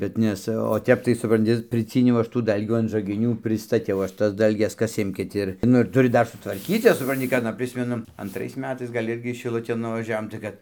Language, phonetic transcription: Lithuanian, bet ˈnes o ˈtep tai supranˈti priˈcyniau ˈaš tų ˈdalgių an žagiˈnių pristaˈtiau ˈaš ˈtas ˈdalges ˈkas ˈimkit ˈir ˈnu ir tuˈri ˈdar sutvarˈkyt ˈjas supranˈti ka aˈna ˈprismenu antˈrais ˈmetais gal' ˈirgi šiˈlutėn nuvaˈžiavom tai ˈkad

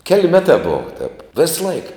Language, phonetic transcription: Lithuanian, kel' ˈmetā ˈbova tep ˈvėsˌlaik

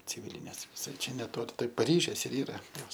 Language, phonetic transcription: Lithuanian, ciˈvylinės viˈsai ˈčia neˈtoli tai paˈryžės ir ˈyra ˈjos

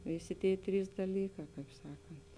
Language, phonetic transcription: Lithuanian, ˈvėˌsė ˈtėi ˈtrys daˈlykā ˈkaip ˈsakant

